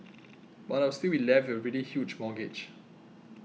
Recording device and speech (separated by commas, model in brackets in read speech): mobile phone (iPhone 6), read sentence